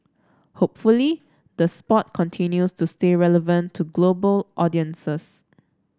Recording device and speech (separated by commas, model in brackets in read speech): standing microphone (AKG C214), read sentence